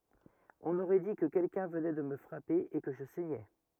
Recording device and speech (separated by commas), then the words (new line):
rigid in-ear microphone, read sentence
On aurait dit que quelqu’un venait de me frapper et que je saignais.